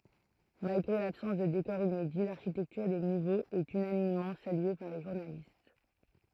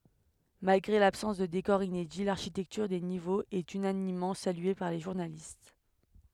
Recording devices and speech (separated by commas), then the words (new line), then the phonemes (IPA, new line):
throat microphone, headset microphone, read sentence
Malgré l'absence de décors inédits, l'architecture des niveaux est unanimement saluée par les journalistes.
malɡʁe labsɑ̃s də dekɔʁz inedi laʁʃitɛktyʁ de nivoz ɛt ynanimmɑ̃ salye paʁ le ʒuʁnalist